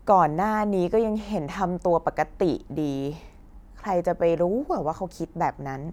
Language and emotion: Thai, frustrated